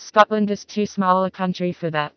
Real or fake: fake